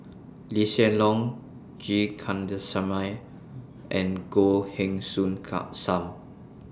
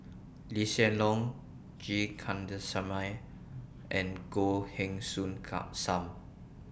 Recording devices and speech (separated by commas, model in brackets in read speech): standing microphone (AKG C214), boundary microphone (BM630), read sentence